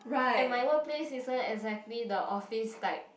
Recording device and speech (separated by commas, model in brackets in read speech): boundary microphone, conversation in the same room